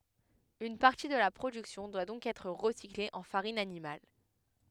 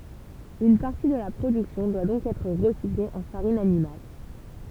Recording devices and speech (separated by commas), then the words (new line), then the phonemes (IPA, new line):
headset microphone, temple vibration pickup, read sentence
Une partie de la production doit donc être recyclée en farine animale.
yn paʁti də la pʁodyksjɔ̃ dwa dɔ̃k ɛtʁ ʁəsikle ɑ̃ faʁin animal